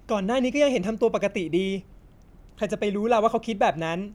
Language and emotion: Thai, neutral